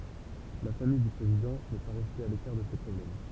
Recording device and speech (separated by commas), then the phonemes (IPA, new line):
temple vibration pickup, read sentence
la famij dy pʁezidɑ̃ nɛ pa ʁɛste a lekaʁ də se pʁɔblɛm